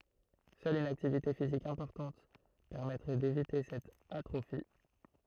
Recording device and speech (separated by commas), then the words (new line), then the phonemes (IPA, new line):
throat microphone, read sentence
Seule une activité physique importante permettrait d'éviter cette atrophie.
sœl yn aktivite fizik ɛ̃pɔʁtɑ̃t pɛʁmɛtʁɛ devite sɛt atʁofi